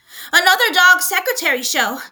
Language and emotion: English, fearful